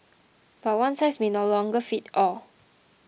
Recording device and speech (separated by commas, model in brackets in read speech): mobile phone (iPhone 6), read sentence